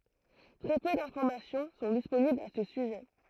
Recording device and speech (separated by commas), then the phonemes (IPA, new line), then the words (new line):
throat microphone, read sentence
tʁɛ pø dɛ̃fɔʁmasjɔ̃ sɔ̃ disponiblz a sə syʒɛ
Très peu d'informations sont disponibles à ce sujet.